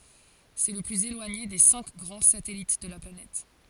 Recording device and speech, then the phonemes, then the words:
forehead accelerometer, read sentence
sɛ lə plyz elwaɲe de sɛ̃k ɡʁɑ̃ satɛlit də la planɛt
C'est le plus éloigné des cinq grands satellites de la planète.

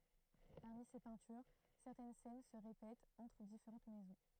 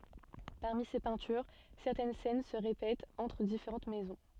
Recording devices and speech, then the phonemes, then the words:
throat microphone, soft in-ear microphone, read sentence
paʁmi se pɛ̃tyʁ sɛʁtɛn sɛn sə ʁepɛtt ɑ̃tʁ difeʁɑ̃t mɛzɔ̃
Parmi ces peintures, certaines scènes se répètent entre différentes maisons.

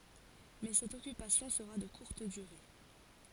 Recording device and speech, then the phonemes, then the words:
forehead accelerometer, read sentence
mɛ sɛt ɔkypasjɔ̃ səʁa də kuʁt dyʁe
Mais cette occupation sera de courte durée.

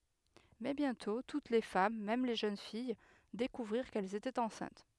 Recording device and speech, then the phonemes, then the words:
headset microphone, read sentence
mɛ bjɛ̃tɔ̃ tut le fam mɛm le ʒøn fij dekuvʁiʁ kɛlz etɛt ɑ̃sɛ̃t
Mais bientôt, toutes les femmes, même les jeunes filles, découvrirent qu'elles étaient enceintes.

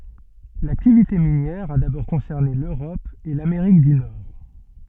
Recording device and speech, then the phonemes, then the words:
soft in-ear microphone, read sentence
laktivite minjɛʁ a dabɔʁ kɔ̃sɛʁne løʁɔp e lameʁik dy nɔʁ
L'activité minière a d'abord concerné l'Europe et l'Amérique du Nord.

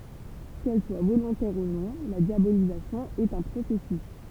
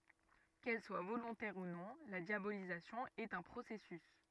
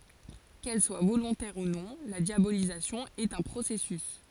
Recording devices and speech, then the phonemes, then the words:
temple vibration pickup, rigid in-ear microphone, forehead accelerometer, read sentence
kɛl swa volɔ̃tɛʁ u nɔ̃ la djabolizasjɔ̃ ɛt œ̃ pʁosɛsys
Qu’elle soit volontaire ou non, la diabolisation est un processus.

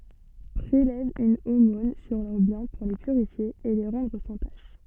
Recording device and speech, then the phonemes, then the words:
soft in-ear microphone, read sentence
pʁelɛv yn omɔ̃n syʁ lœʁ bjɛ̃ puʁ le pyʁifje e le ʁɑ̃dʁ sɑ̃ taʃ
Prélève une aumône sur leurs biens pour les purifier et les rendre sans tache.

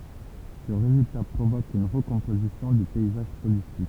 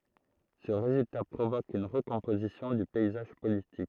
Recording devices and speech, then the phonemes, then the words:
temple vibration pickup, throat microphone, read sentence
sə ʁezylta pʁovok yn ʁəkɔ̃pozisjɔ̃ dy pɛizaʒ politik
Ce résultat provoque une recomposition du paysage politique.

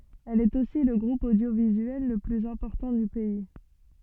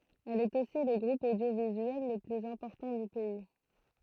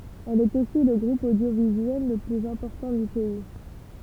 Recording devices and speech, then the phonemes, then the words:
soft in-ear microphone, throat microphone, temple vibration pickup, read sentence
ɛl ɛt osi lə ɡʁup odjovizyɛl lə plyz ɛ̃pɔʁtɑ̃ dy pɛi
Elle est aussi le groupe audiovisuel le plus important du pays.

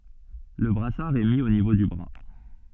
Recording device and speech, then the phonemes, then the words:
soft in-ear microphone, read sentence
lə bʁasaʁ ɛ mi o nivo dy bʁa
Le brassard est mis au niveau du bras.

